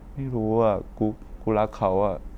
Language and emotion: Thai, frustrated